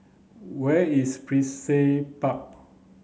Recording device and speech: mobile phone (Samsung C9), read sentence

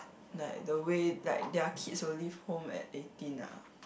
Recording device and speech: boundary microphone, conversation in the same room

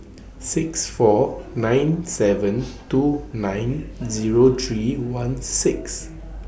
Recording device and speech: boundary microphone (BM630), read sentence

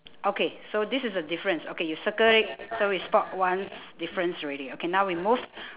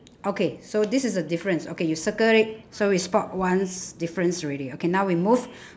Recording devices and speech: telephone, standing microphone, conversation in separate rooms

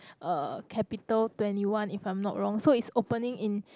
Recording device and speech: close-talking microphone, conversation in the same room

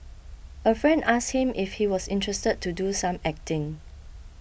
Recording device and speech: boundary microphone (BM630), read sentence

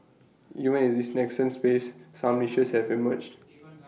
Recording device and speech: mobile phone (iPhone 6), read sentence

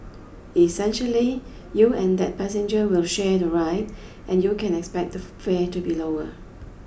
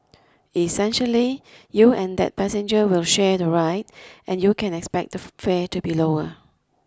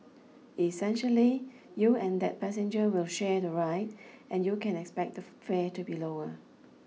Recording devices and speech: boundary microphone (BM630), close-talking microphone (WH20), mobile phone (iPhone 6), read sentence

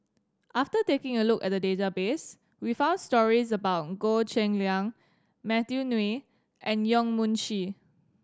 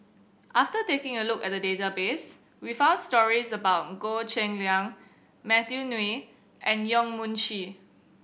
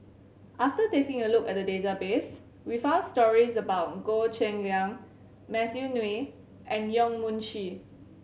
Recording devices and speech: standing microphone (AKG C214), boundary microphone (BM630), mobile phone (Samsung C7100), read sentence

